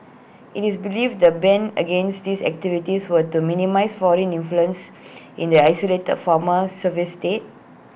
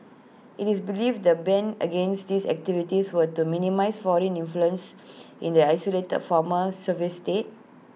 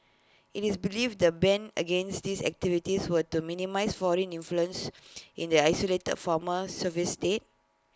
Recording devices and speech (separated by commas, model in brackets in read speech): boundary microphone (BM630), mobile phone (iPhone 6), close-talking microphone (WH20), read sentence